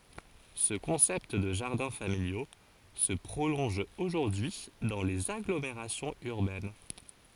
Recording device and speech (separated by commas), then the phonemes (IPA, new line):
forehead accelerometer, read sentence
sə kɔ̃sɛpt də ʒaʁdɛ̃ familjo sə pʁolɔ̃ʒ oʒuʁdyi dɑ̃ lez aɡlomeʁasjɔ̃z yʁbɛn